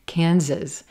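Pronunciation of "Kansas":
In 'Kansas', the s's sound like z's, so the second syllable sounds like 'ziz'.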